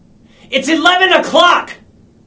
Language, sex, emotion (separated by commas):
English, male, angry